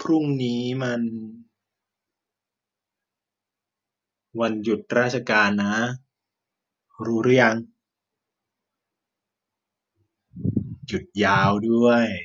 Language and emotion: Thai, frustrated